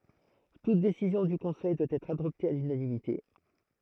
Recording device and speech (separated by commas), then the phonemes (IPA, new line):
throat microphone, read sentence
tut desizjɔ̃ dy kɔ̃sɛj dwa ɛtʁ adɔpte a lynanimite